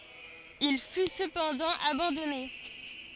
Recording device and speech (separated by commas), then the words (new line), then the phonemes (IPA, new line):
forehead accelerometer, read sentence
Il fut cependant abandonné.
il fy səpɑ̃dɑ̃ abɑ̃dɔne